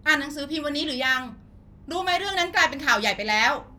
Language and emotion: Thai, angry